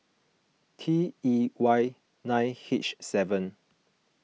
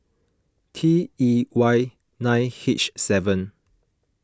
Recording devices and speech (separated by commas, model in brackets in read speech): mobile phone (iPhone 6), close-talking microphone (WH20), read sentence